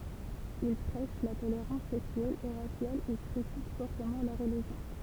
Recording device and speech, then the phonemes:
temple vibration pickup, read sentence
il pʁɛʃ la toleʁɑ̃s sɛksyɛl e ʁasjal e kʁitik fɔʁtəmɑ̃ la ʁəliʒjɔ̃

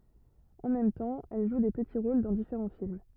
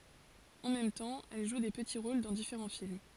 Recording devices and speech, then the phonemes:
rigid in-ear microphone, forehead accelerometer, read sentence
ɑ̃ mɛm tɑ̃ ɛl ʒu de pəti ʁol dɑ̃ difeʁɑ̃ film

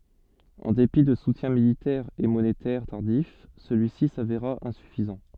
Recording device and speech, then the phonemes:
soft in-ear microphone, read sentence
ɑ̃ depi də sutjɛ̃ militɛʁz e monetɛʁ taʁdif səlyisi saveʁa ɛ̃syfizɑ̃

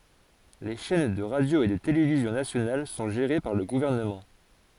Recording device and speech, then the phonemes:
forehead accelerometer, read sentence
le ʃɛn də ʁadjo e də televizjɔ̃ nasjonal sɔ̃ ʒeʁe paʁ lə ɡuvɛʁnəmɑ̃

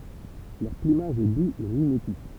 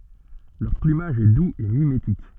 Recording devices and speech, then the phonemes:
temple vibration pickup, soft in-ear microphone, read sentence
lœʁ plymaʒ ɛ duz e mimetik

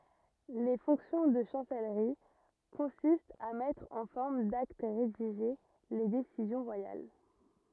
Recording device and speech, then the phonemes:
rigid in-ear microphone, read sentence
le fɔ̃ksjɔ̃ də ʃɑ̃sɛlʁi kɔ̃sistt a mɛtʁ ɑ̃ fɔʁm dakt ʁediʒe le desizjɔ̃ ʁwajal

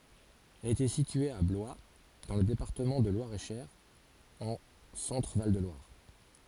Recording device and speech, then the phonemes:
forehead accelerometer, read sentence
ɛl etɛ sitye a blwa dɑ̃ lə depaʁtəmɑ̃ də lwaʁɛtʃœʁ ɑ̃ sɑ̃tʁəval də lwaʁ

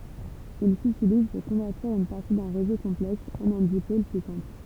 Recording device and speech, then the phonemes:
temple vibration pickup, read sentence
il sytiliz puʁ kɔ̃vɛʁtiʁ yn paʁti dœ̃ ʁezo kɔ̃plɛks ɑ̃n œ̃ dipol ply sɛ̃pl

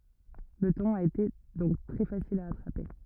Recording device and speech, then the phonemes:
rigid in-ear microphone, read sentence
lə tɔ̃n a ete dɔ̃k tʁɛ fasil a atʁape

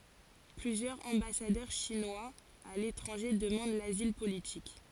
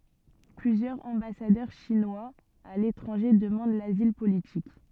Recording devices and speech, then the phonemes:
forehead accelerometer, soft in-ear microphone, read sentence
plyzjœʁz ɑ̃basadœʁ ʃinwaz a letʁɑ̃ʒe dəmɑ̃d lazil politik

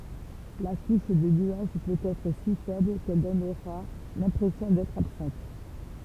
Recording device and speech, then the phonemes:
temple vibration pickup, read sentence
la kuʃ də nyaʒ pøt ɛtʁ si fɛbl kɛl dɔnʁa lɛ̃pʁɛsjɔ̃ dɛtʁ absɑ̃t

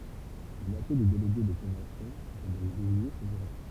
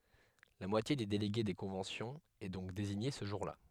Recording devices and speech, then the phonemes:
temple vibration pickup, headset microphone, read sentence
la mwatje de deleɡe de kɔ̃vɑ̃sjɔ̃z ɛ dɔ̃k deziɲe sə ʒuʁla

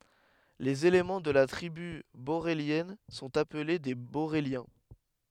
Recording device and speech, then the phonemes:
headset microphone, read sentence
lez elemɑ̃ də la tʁiby boʁeljɛn sɔ̃t aple de boʁeljɛ̃

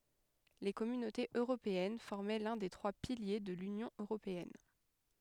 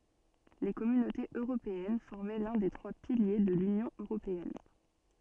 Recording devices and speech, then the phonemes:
headset microphone, soft in-ear microphone, read sentence
le kɔmynotez øʁopeɛn fɔʁmɛ lœ̃ de tʁwa pilje də lynjɔ̃ øʁopeɛn

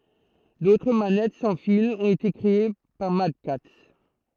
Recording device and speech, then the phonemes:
throat microphone, read sentence
dotʁ manɛt sɑ̃ filz ɔ̃t ete kʁee paʁ madkats

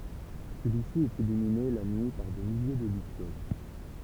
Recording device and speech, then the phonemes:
temple vibration pickup, read sentence
səlyi si ɛt ilymine la nyi paʁ de milje də lysjol

